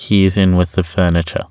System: none